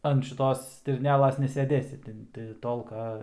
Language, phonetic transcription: Lithuanian, an šiˈtos stirnˈelas neseˈdėsi ˈtin ti ˈtolka

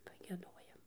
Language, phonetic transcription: Lithuanian, pagieˈdojam

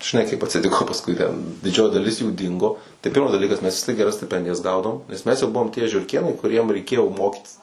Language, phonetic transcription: Lithuanian, žiˈnai kaip atsiˈtiko pasˈkui ten diˈdžioji daˈlis jų ˈdingo tai ˈpirmas daˈlykas mes vis tiek geˈras stiˈpendijas ˈgaudavom nes ˈmes jau ˈbuvom tie žiurˈkėnai kuˈriem reiˈkėjo ˈmokytis

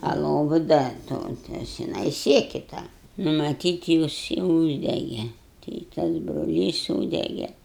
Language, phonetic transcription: Lithuanian, a ˈlovu ˈda ˈto ˈtas žiˈnai ˈsieki ˈtą maˈtyt ˈjis i ˈūždege tai i ˈtas broˈlys ˈsūdege

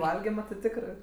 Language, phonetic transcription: Lithuanian, ˈvalgima ti ˈtikrɜ

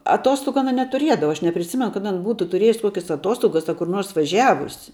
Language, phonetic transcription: Lithuanian, aˈtostogu aˈna netuˈriedava aš nepriˈsimenu kad ˈan ˈbūtu tuˈrėjus ˈkokias aˈtuostogas a kur ˈnors vaˈžiavusi

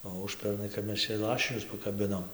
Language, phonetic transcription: Lithuanian, o ˈužpernai kap ˈmes čia ˈlašinius pakaˈbinom

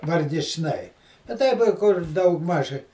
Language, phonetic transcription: Lithuanian, vargičˈnai a ˈtaip i ˈkur ˈdaugˌmaž

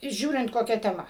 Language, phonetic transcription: Lithuanian, ˈžiūrint koˈkia teˈma

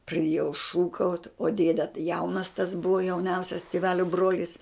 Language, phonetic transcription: Lithuanian, praˈdiejau ˈšūkaut' o ˈdėde tai ˈjaunas tas ˈbuva jauˈniausias tiˈvelio ˈbrolis

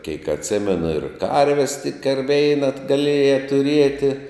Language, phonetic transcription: Lithuanian, keik atˈsimenu ir ˈkarves tik ar ˈveina gaˈlieja tuˈrieti

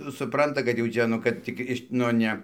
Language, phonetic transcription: Lithuanian, suˈpranta kad jau ˈčia ˈnu ˈkad tik ˈiš nu ˈne

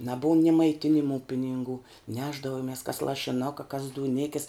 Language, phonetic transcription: Lithuanian, naˈbuum ni maiˈtinimu pininˈgų ˈnešdavomis kas lašiˈnuka kas dūˈnikis

